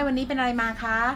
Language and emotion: Thai, neutral